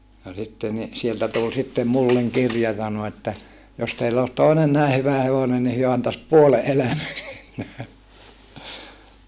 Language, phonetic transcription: Finnish, no sitte ni , sieltä tul sittem mulleŋ kirja sano että , » jos teill ‿oos toinen nä̀e hyvä hevonen ni hyö antas puole ʼelämä (siitä) .
- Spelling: no sitten niin sieltä tuli sitten minulle kirja sanoi että jos teillä olisi toinen näin hyvä hevonen niin he antaisi puolen elämän siitä

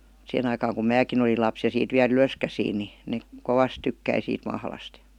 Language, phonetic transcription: Finnish, 'sihen ‿aikaaŋ kum "määkin olil 'laps ja 'siit 'viä"l ‿ylöskäsiin ni , 'nek , "kovas 'tykkäi siit 'mahlast JA ,.
- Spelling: siihen aikaan kun minäkin olin lapsi ja siitä vielä ylöskäsin niin ne kovasti tykkäsi siitä mahlasta ja

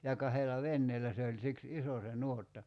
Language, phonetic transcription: Finnish, ja 'kahela "venneelä se oĺ 'siks "iso se 'nuotta .
- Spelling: ja kahdella veneellä se oli siksi iso se nuotta

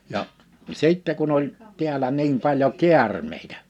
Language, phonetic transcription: Finnish, ja , 'sìttɛ kun ‿oĺ , 'ti̬älä 'nim paĺjo "kiärmeitä .
- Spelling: ja sitten kun oli täällä niin paljon käärmeitä

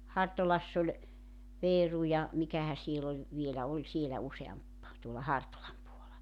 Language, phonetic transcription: Finnish, 'Hartolass ‿oĺ , 'veeru ja , 'mikähä siel ‿oĺ , vielä 'oĺ sielä 'useamp , tuola 'Hartolam puola .
- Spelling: Hartolassa oli Veeru ja mikähän siellä oli vielä oli siellä useampi tuolla Hartolan puolella

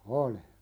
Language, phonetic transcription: Finnish, oli .
- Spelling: oli

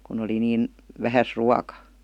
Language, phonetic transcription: Finnish, kun ‿oli niin , "vähäs "ruaka .
- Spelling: kun oli niin vähässä ruoka

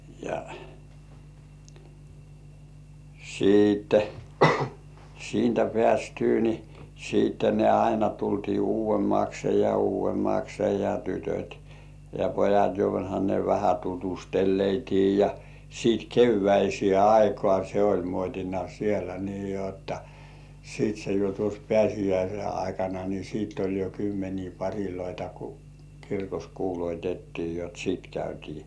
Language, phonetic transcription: Finnish, ja , 'siittᴇ , siintä 'peästyy ni , siitte ne aina 'tultii "uuv̆vemmakse ja "uuv̆vemmakse ja "tytöt̜ ja 'pojat joha ne vähä tutusteleitii ja , siit "kevväisĭè "aikŏà se oĺ 'muot́ina sielä nii jotta , siit se jo tuos "pĕä̀s̜ijäise aikana ni 'siit oĺ jo kymmenii 'paŕiloita ku , 'kirkos "kuuloitettii jot "sìt 'käytii .
- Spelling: ja siitä siitä päästyä niin sitten ne aina tultiin uudemmaksi ja uudemmaksi ja tytöt ja pojat johan ne vähän tutustui ja sitten keväiseen aikaan se oli muotina siellä niin jotta sitten se jo tuossa pääsiäisen aikana niin sitten oli jo kymmeniä pareja kun kirkossa kuulutettiin jotta sitten käytiin

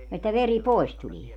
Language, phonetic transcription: Finnish, että 'veri "pois tulie .
- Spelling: että veri pois tulee

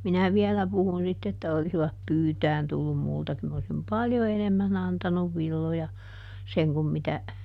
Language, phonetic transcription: Finnish, ˈminä "viɛlä puhun sitt ‿että » ˈolisivap "pyytään tullum ˈmulta kyl m ‿osim ˈpaljo "enemmän ‿antanuv ˈvilloja , ˈseŋ kum mitä ,.
- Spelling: minä vielä puhun sitten että olisivat pyytämään tullut minulta kyllä minä olisin paljon enemmän antanut villoja sen kun mitä

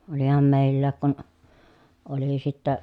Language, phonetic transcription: Finnish, oliham mèi̮llääk kun , oli sittä ,.
- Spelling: olihan meilläkin kun oli sitten

